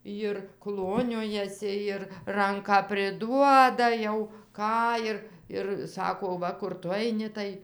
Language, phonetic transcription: Lithuanian, jir ˈkloniojasi ir ˈranką priˈduoda jau ˈką ir ir ˈsako ˈva kur ˈtu aiˈni tai

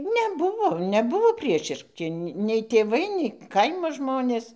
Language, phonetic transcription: Lithuanian, neˈbuvo neˈbuvo ˈpriešiški nei tėˈvai nei ˈkaimo ˈžmonės

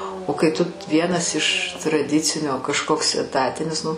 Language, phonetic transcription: Lithuanian, o kai tu ˈvienas iš traˈdicinio kažˈkoks eˈtatinis ˈnu

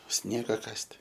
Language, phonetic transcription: Lithuanian, ˈsniega ˈkast'

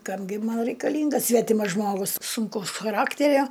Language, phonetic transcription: Lithuanian, ˈkam gi ˈman reikaˈlyngas ˈsvetimas ˈžmogus sunˈkaus chaˈrakterio

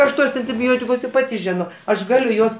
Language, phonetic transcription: Lithuanian, ˈaš ˈtuos antiˈbiotikus ir ˈpati ˈžino aš ˈgaliu ˈjuos

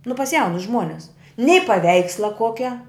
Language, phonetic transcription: Lithuanian, nu pas ˈjaunus ˈžmuones nei paˈveiksla ˈkuokia

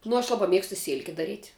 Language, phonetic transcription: Lithuanian, nu aš ˈlaba ˈmiegstu ˈsėlke daˈryt'

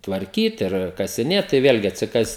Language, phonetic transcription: Lithuanian, tvarˈkyt ir kasiˈnėt tai ˈvėlgi atsiˈkas

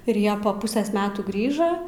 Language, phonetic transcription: Lithuanian, ir ˈjie pa ˈpusės ˈmetų ˈgrįža

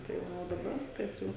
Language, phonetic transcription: Lithuanian, tai ˈva o daˈba ˈviskas ˈjau

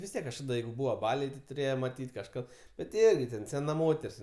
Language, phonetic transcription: Lithuanian, vis ˈtiek kažˈkada ˈjeigu ˈbūva ˈbaliai ti tuˈrėje maˈtyt' kažˈkad ˈbet ti ˈirgi ten seˈna ˈmoter's'

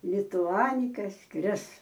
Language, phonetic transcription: Lithuanian, lituˈanika ˈskris

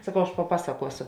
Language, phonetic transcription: Lithuanian, saˈkau aš paˈpasakuosu

